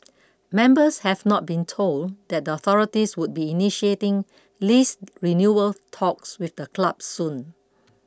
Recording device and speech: close-talking microphone (WH20), read sentence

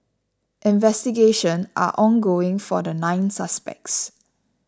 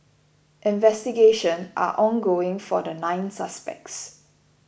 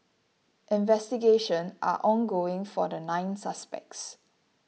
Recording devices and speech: standing microphone (AKG C214), boundary microphone (BM630), mobile phone (iPhone 6), read sentence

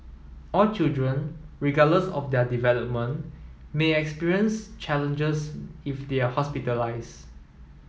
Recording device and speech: mobile phone (iPhone 7), read sentence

